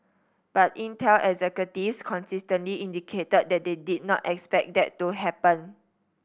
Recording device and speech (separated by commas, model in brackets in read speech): boundary microphone (BM630), read sentence